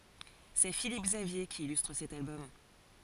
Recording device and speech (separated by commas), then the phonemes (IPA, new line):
forehead accelerometer, read sentence
sɛ filip ɡzavje ki ilystʁ sɛt albɔm